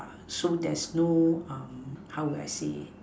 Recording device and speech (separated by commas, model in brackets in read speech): standing microphone, conversation in separate rooms